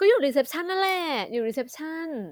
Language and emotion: Thai, happy